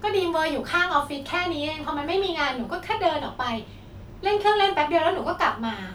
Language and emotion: Thai, frustrated